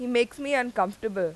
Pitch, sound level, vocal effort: 235 Hz, 90 dB SPL, loud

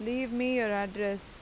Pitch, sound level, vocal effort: 220 Hz, 88 dB SPL, normal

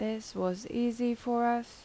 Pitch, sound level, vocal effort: 235 Hz, 81 dB SPL, soft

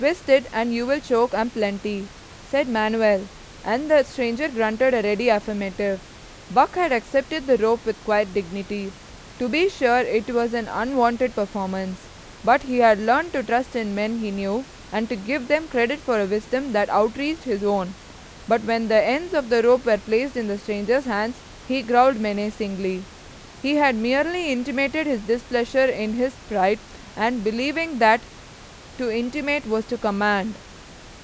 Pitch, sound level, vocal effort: 235 Hz, 91 dB SPL, loud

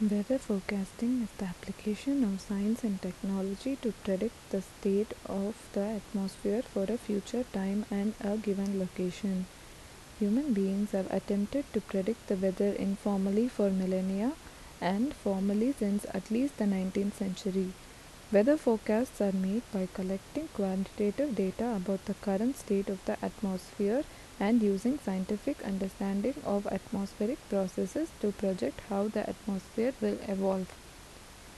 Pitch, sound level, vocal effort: 205 Hz, 75 dB SPL, soft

